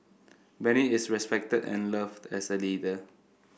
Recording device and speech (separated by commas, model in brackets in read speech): boundary microphone (BM630), read sentence